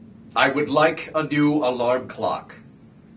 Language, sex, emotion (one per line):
English
male
angry